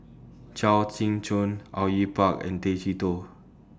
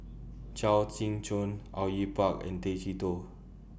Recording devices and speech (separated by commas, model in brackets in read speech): standing microphone (AKG C214), boundary microphone (BM630), read sentence